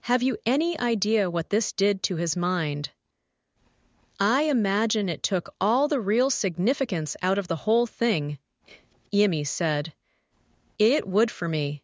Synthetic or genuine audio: synthetic